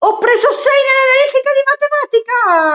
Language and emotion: Italian, happy